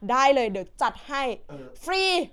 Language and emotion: Thai, happy